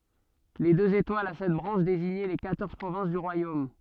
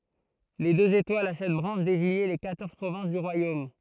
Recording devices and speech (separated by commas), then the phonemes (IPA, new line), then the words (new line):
soft in-ear microphone, throat microphone, read sentence
le døz etwalz a sɛt bʁɑ̃ʃ deziɲɛ le kwatɔʁz pʁovɛ̃s dy ʁwajom
Les deux étoiles a sept branches désignaient les quatorze provinces du royaume.